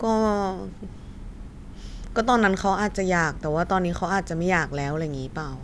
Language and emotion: Thai, frustrated